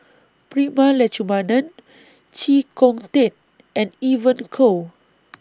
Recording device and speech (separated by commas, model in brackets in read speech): standing microphone (AKG C214), read sentence